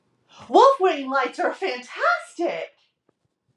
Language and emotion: English, happy